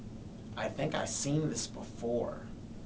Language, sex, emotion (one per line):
English
male
neutral